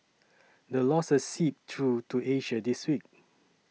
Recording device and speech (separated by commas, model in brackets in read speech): mobile phone (iPhone 6), read sentence